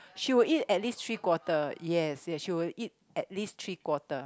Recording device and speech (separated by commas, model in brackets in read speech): close-talking microphone, conversation in the same room